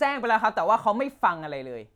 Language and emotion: Thai, angry